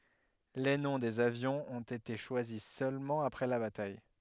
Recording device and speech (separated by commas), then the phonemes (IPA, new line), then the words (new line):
headset microphone, read sentence
le nɔ̃ dez avjɔ̃z ɔ̃t ete ʃwazi sølmɑ̃ apʁɛ la bataj
Les noms des avions ont été choisis seulement après la bataille.